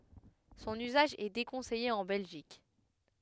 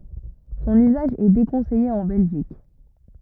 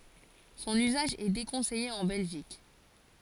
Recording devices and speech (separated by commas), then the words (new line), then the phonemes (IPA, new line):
headset microphone, rigid in-ear microphone, forehead accelerometer, read sentence
Son usage est déconseillé en Belgique.
sɔ̃n yzaʒ ɛ dekɔ̃sɛje ɑ̃ bɛlʒik